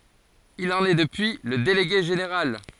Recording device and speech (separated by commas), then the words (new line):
forehead accelerometer, read sentence
Il en est depuis le délégué général.